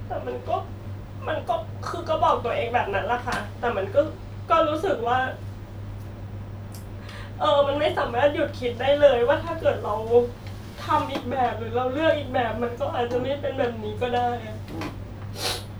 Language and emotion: Thai, sad